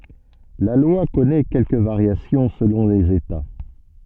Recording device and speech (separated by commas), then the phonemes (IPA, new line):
soft in-ear microphone, read sentence
la lwa kɔnɛ kɛlkə vaʁjasjɔ̃ səlɔ̃ lez eta